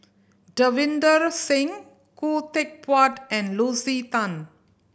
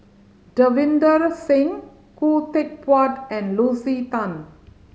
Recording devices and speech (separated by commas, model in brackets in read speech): boundary microphone (BM630), mobile phone (Samsung C5010), read sentence